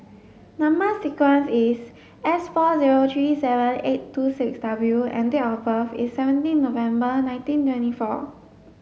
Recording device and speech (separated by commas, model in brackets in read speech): mobile phone (Samsung S8), read sentence